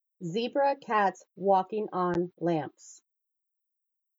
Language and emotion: English, neutral